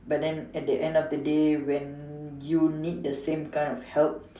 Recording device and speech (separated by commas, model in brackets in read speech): standing microphone, conversation in separate rooms